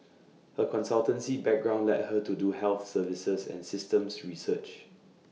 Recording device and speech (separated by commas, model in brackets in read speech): mobile phone (iPhone 6), read sentence